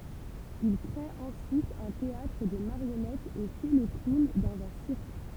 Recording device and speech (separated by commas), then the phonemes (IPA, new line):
temple vibration pickup, read sentence
il kʁe ɑ̃syit œ̃ teatʁ də maʁjɔnɛtz e fɛ lə klun dɑ̃z œ̃ siʁk